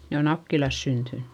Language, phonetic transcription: Finnish, ne o Nakkilas syntynnY .
- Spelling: ne on Nakkilassa syntynyt

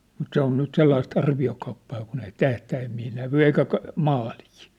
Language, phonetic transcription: Finnish, mut 'se ‿on nyt 'sellais't ‿arvi₍okauppaa kun ‿ei "tähtäämmii nävy 'eikä ka- , 'maalii .
- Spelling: mutta se on nyt sellaista arviokauppaa kun ei tähtäimiä näy eikä - maalia

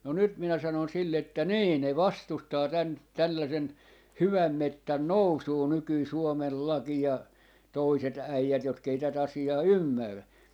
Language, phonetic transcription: Finnish, no 'nyt minä sanon sille että » "nii 'ne "vastustaa 'tän , 'tällasen , "hyväm 'mettän "nousuu 'nykyi 'Suomel "laki ja , 'toiset 'äijät 'jotk ‿ei 'tä't ‿asi₍aa "ymmärrä » .
- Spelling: no nyt minä sanoin sille että niin ne vastustaa tämän tällaisen hyvän metsän nousua nykyinen Suomen laki ja toiset äijät jotka ei tätä asiaa ymmärrä

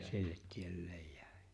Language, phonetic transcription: Finnish, 'sillet 'tielleej 'jᴀ̈̀ɪ̬ .
- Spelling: sille tielleen jäi

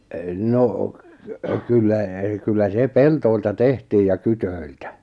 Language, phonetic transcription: Finnish, 'no , 'kyllä , kyllä 'se "peltoilta "tehtiij ja 'kytöiltä .
- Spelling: no kyllä kyllä se pelloilta tehtiin ja kydöiltä

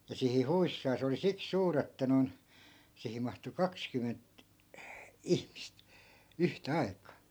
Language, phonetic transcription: Finnish, ja 'sihi 'huissaa 'se oli siks 'suur ‿että non , 'sihim̆ mahtu "kakskymment , "ihmist , 'yhtä 'ai̮k̀aa .
- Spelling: ja siihen huissaan se oli siksi suuri että noin siihen mahtui kaksikymmentä ihmistä yhtä aikaa

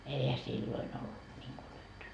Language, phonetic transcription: Finnish, 'eihä "silloin ‿ollut ńiŋku 'nyt .
- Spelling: eihän silloin ollut niin kuin nyt

